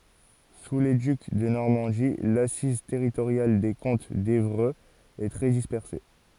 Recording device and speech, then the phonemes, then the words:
forehead accelerometer, read sentence
su le dyk də nɔʁmɑ̃di lasiz tɛʁitoʁjal de kɔ̃t devʁøz ɛ tʁɛ dispɛʁse
Sous les ducs de Normandie, l'assise territoriale des comtes d’Évreux est très dispersée.

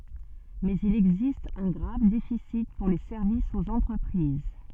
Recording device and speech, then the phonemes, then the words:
soft in-ear microphone, read sentence
mɛz il ɛɡzist œ̃ ɡʁav defisi puʁ le sɛʁvisz oz ɑ̃tʁəpʁiz
Mais il existe un grave déficit pour les services aux entreprises.

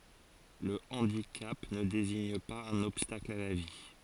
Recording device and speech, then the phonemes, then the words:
forehead accelerometer, read sentence
lə ɑ̃dikap nə deziɲ paz œ̃n ɔbstakl a la vi
Le handicap ne désigne pas un obstacle à la vie.

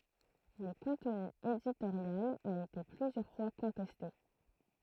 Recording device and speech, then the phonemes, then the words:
throat microphone, read sentence
lə kɔ̃tny editoʁjal a ete plyzjœʁ fwa kɔ̃tɛste
Le contenu éditorial a été plusieurs fois contesté.

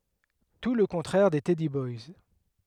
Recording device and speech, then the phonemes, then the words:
headset microphone, read sentence
tu lə kɔ̃tʁɛʁ de tɛdi bɔjs
Tout le contraire des teddy boys.

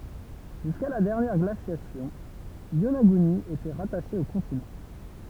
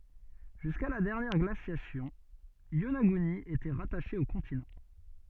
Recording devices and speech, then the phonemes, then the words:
temple vibration pickup, soft in-ear microphone, read sentence
ʒyska la dɛʁnjɛʁ ɡlasjasjɔ̃ jonaɡyni etɛ ʁataʃe o kɔ̃tinɑ̃
Jusqu’à la dernière glaciation, Yonaguni était rattachée au continent.

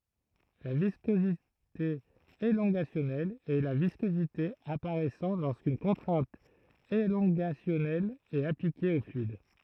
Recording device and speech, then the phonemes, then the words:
throat microphone, read sentence
la viskozite elɔ̃ɡasjɔnɛl ɛ la viskozite apaʁɛsɑ̃ loʁskyn kɔ̃tʁɛ̃t elɔ̃ɡasjɔnɛl ɛt aplike o flyid
La viscosité élongationnelle est la viscosité apparaissant lorsqu’une contrainte élongationnelle est appliquée au fluide.

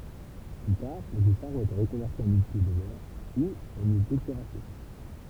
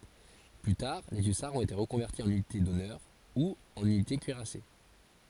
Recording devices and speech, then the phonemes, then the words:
temple vibration pickup, forehead accelerometer, read sentence
ply taʁ le ysaʁz ɔ̃t ete ʁəkɔ̃vɛʁti ɑ̃n ynite dɔnœʁ u ɑ̃n ynite kyiʁase
Plus tard les hussards ont été reconvertis en unités d'honneur ou en unités cuirassées.

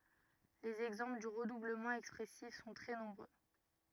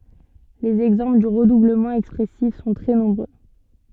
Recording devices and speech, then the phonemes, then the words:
rigid in-ear microphone, soft in-ear microphone, read sentence
lez ɛɡzɑ̃pl dy ʁədubləmɑ̃ ɛkspʁɛsif sɔ̃ tʁɛ nɔ̃bʁø
Les exemples du redoublement expressif sont très nombreux.

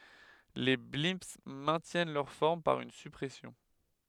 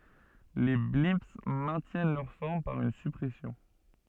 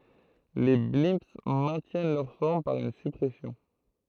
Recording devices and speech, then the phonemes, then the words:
headset microphone, soft in-ear microphone, throat microphone, read sentence
le blɛ̃ mɛ̃tjɛn lœʁ fɔʁm paʁ yn syʁpʁɛsjɔ̃
Les blimps maintiennent leur forme par une surpression.

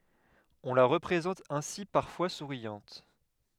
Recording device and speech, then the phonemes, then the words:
headset microphone, read sentence
ɔ̃ la ʁəpʁezɑ̃t ɛ̃si paʁfwa suʁjɑ̃t
On la représente ainsi parfois souriante.

